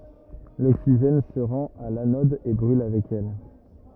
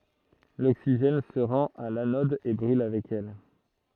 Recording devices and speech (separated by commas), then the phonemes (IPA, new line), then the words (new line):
rigid in-ear microphone, throat microphone, read sentence
loksiʒɛn sə ʁɑ̃t a lanɔd e bʁyl avɛk ɛl
L'oxygène se rend à l'anode et brûle avec elle.